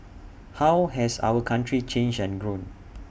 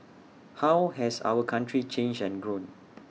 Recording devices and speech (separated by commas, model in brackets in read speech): boundary microphone (BM630), mobile phone (iPhone 6), read sentence